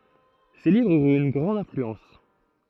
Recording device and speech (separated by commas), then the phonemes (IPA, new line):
throat microphone, read sentence
se livʁz yʁt yn ɡʁɑ̃d ɛ̃flyɑ̃s